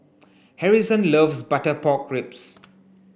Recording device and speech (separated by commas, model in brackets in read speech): boundary microphone (BM630), read sentence